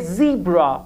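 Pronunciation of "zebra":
'zebra' is said with the American pronunciation.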